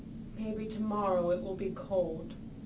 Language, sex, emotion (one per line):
English
female
sad